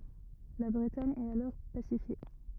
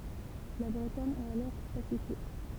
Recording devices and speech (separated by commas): rigid in-ear microphone, temple vibration pickup, read sentence